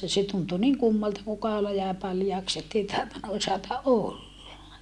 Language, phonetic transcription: Finnish, ja se tuntu niŋ kummalta kuu kaola jäè paljaaks ‿ettei tahtonna osata ʼolla .
- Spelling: ja se tuntui niin kummalta kun kaula jäi paljaaksi että ei tahtonut osata olla

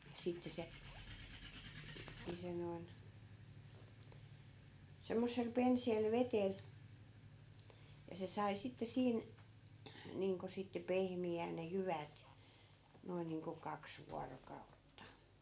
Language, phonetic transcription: Finnish, 'sitte se , ni 'se noin , 'semmossel 'penseel 'vetel , ja se 'sai 'sitte 'siin , niiŋko sitte 'pehmi₍ään ne "jyvät , 'noin niiŋko 'kaks 'vuarokautta .
- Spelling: sitten se niin se noin semmoisella penseällä vedellä ja se sai sitten siinä niin kuin sitten pehmiämään ne jyvät noin niin kuin kaksi vuorokautta

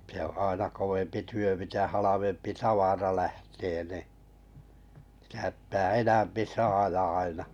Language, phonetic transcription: Finnish, se oo̰ 'àena kovempi 'työ mitä 'halavempi "tavara 'lähtee ni , sɪtä ptää 'enämpi 'saaja aina .
- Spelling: se on aina kovempi työ mitä halvempi tavara lähtee niin sitä pitää enempi saada aina

